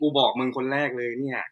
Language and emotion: Thai, happy